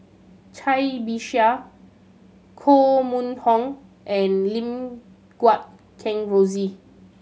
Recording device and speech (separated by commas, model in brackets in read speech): mobile phone (Samsung C7100), read sentence